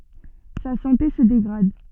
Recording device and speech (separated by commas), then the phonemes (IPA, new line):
soft in-ear microphone, read sentence
sa sɑ̃te sə deɡʁad